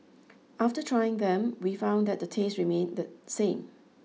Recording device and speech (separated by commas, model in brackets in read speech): mobile phone (iPhone 6), read sentence